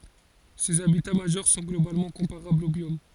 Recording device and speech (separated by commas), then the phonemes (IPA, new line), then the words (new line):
forehead accelerometer, read sentence
sez abita maʒœʁ sɔ̃ ɡlobalmɑ̃ kɔ̃paʁablz o bjom
Ces habitats majeurs sont globalement comparables aux biomes.